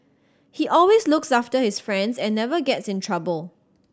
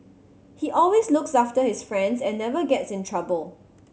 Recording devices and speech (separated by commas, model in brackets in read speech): standing microphone (AKG C214), mobile phone (Samsung C7100), read sentence